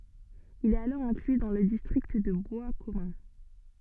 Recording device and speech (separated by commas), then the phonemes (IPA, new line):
soft in-ear microphone, read sentence
il ɛt alɔʁ ɛ̃kly dɑ̃ lə distʁikt də bwaskɔmœ̃